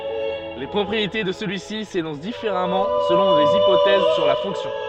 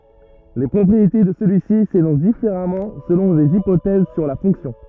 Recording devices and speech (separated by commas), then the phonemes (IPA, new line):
soft in-ear microphone, rigid in-ear microphone, read sentence
le pʁɔpʁiete də səlyi si senɔ̃s difeʁamɑ̃ səlɔ̃ lez ipotɛz syʁ la fɔ̃ksjɔ̃